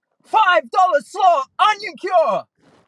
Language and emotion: English, fearful